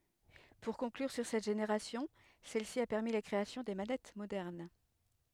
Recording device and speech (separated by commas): headset microphone, read sentence